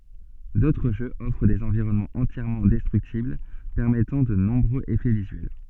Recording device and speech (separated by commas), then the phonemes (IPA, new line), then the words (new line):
soft in-ear microphone, read sentence
dotʁ ʒøz ɔfʁ dez ɑ̃viʁɔnmɑ̃z ɑ̃tjɛʁmɑ̃ dɛstʁyktibl pɛʁmɛtɑ̃ də nɔ̃bʁøz efɛ vizyɛl
D'autres jeux offrent des environnements entièrement destructibles permettant de nombreux effets visuels.